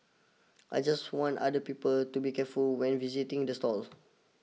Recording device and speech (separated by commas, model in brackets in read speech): mobile phone (iPhone 6), read sentence